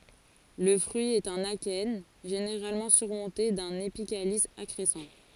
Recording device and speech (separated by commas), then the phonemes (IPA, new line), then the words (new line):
forehead accelerometer, read sentence
lə fʁyi ɛt œ̃n akɛn ʒeneʁalmɑ̃ syʁmɔ̃te dœ̃n epikalis akʁɛsɑ̃
Le fruit est un akène, généralement surmonté d'un épicalice accrescent.